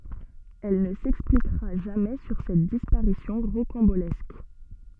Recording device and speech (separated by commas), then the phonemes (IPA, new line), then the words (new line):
soft in-ear microphone, read sentence
ɛl nə sɛksplikʁa ʒamɛ syʁ sɛt dispaʁisjɔ̃ ʁokɑ̃bolɛsk
Elle ne s'expliquera jamais sur cette disparition rocambolesque.